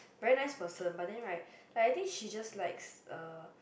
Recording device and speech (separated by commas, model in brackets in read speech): boundary microphone, conversation in the same room